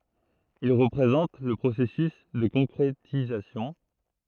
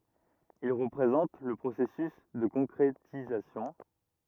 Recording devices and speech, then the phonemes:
throat microphone, rigid in-ear microphone, read sentence
il ʁəpʁezɑ̃t lə pʁosɛsys də kɔ̃kʁetizasjɔ̃

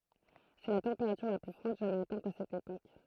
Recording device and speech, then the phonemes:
throat microphone, read sentence
sɛ la tɑ̃peʁatyʁ la ply fʁwad ʒamɛz atɛ̃t a sɛt epok

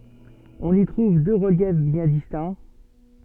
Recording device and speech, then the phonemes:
soft in-ear microphone, read sentence
ɔ̃n i tʁuv dø ʁəljɛf bjɛ̃ distɛ̃

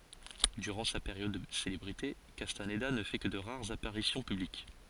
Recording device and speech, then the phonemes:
forehead accelerometer, read sentence
dyʁɑ̃ sa peʁjɔd də selebʁite kastanda nə fɛ kə də ʁaʁz apaʁisjɔ̃ pyblik

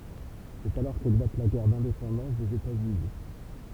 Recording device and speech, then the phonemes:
temple vibration pickup, read sentence
sɛt alɔʁ keklat la ɡɛʁ dɛ̃depɑ̃dɑ̃s dez etatsyni

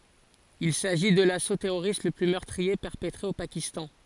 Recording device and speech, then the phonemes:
forehead accelerometer, read sentence
il saʒi də laso tɛʁoʁist lə ply mœʁtʁie pɛʁpətʁe o pakistɑ̃

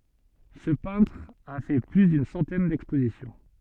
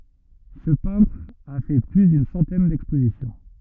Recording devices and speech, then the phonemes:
soft in-ear microphone, rigid in-ear microphone, read sentence
sə pɛ̃tʁ a fɛ ply dyn sɑ̃tɛn dɛkspozisjɔ̃

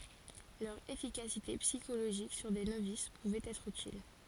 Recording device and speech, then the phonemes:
forehead accelerometer, read sentence
lœʁ efikasite psikoloʒik syʁ de novis puvɛt ɛtʁ ytil

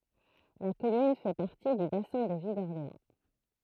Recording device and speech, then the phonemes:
throat microphone, read sentence
la kɔmyn fɛ paʁti dy basɛ̃ də vi dɔʁleɑ̃

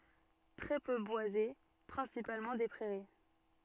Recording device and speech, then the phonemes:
soft in-ear microphone, read sentence
tʁɛ pø bwaze pʁɛ̃sipalmɑ̃ de pʁɛʁi

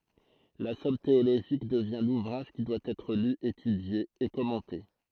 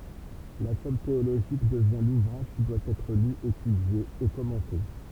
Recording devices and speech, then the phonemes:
throat microphone, temple vibration pickup, read sentence
la sɔm teoloʒik dəvjɛ̃ luvʁaʒ ki dwa ɛtʁ ly etydje e kɔmɑ̃te

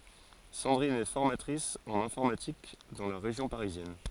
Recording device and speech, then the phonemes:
forehead accelerometer, read sentence
sɑ̃dʁin ɛ fɔʁmatʁis ɑ̃n ɛ̃fɔʁmatik dɑ̃ la ʁeʒjɔ̃ paʁizjɛn

